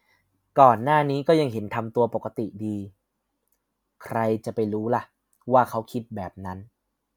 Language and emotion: Thai, neutral